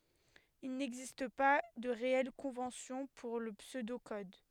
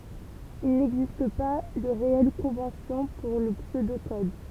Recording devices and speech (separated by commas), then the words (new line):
headset microphone, temple vibration pickup, read sentence
Il n'existe pas de réelle convention pour le pseudo-code.